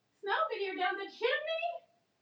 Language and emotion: English, surprised